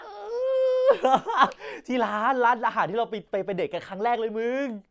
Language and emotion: Thai, happy